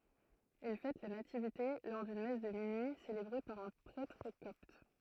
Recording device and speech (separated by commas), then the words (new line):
throat microphone, read sentence
Ils fêtent la Nativité lors d'une messe de minuit célébrée par un prêtre copte.